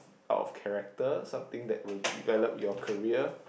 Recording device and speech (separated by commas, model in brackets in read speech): boundary microphone, conversation in the same room